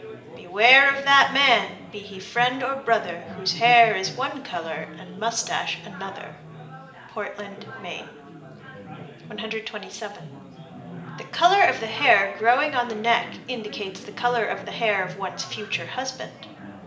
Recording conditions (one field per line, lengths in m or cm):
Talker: one person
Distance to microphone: 1.8 m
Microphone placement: close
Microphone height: 1.0 m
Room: large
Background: babble